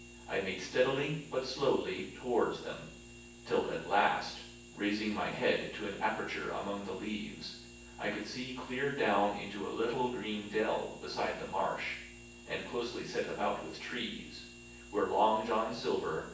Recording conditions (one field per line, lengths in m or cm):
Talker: one person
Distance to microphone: 9.8 m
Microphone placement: far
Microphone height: 1.8 m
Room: large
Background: none